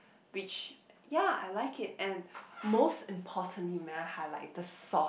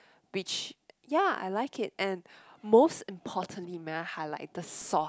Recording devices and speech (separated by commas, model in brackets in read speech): boundary microphone, close-talking microphone, conversation in the same room